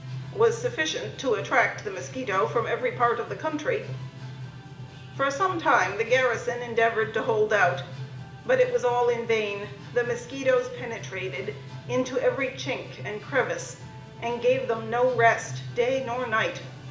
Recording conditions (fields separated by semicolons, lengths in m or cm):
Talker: one person; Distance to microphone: 1.8 m; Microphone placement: close; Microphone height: 1.0 m; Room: large; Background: music